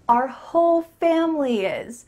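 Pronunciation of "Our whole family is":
In 'Our whole family is', the words 'whole' and 'family' are stressed.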